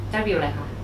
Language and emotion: Thai, frustrated